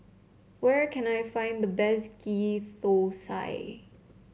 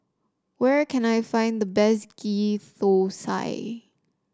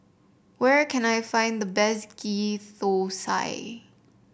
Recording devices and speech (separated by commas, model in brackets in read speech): mobile phone (Samsung C7), standing microphone (AKG C214), boundary microphone (BM630), read sentence